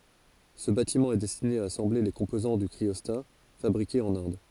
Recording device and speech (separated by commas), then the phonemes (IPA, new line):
forehead accelerometer, read sentence
sə batimɑ̃ ɛ dɛstine a asɑ̃ble le kɔ̃pozɑ̃ dy kʁiɔsta fabʁikez ɑ̃n ɛ̃d